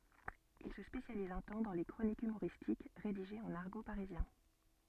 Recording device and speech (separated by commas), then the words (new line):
soft in-ear microphone, read sentence
Il se spécialise un temps dans les chroniques humoristiques rédigées en argot parisien.